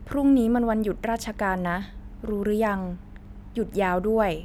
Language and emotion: Thai, neutral